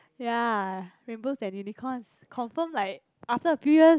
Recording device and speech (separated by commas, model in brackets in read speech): close-talking microphone, conversation in the same room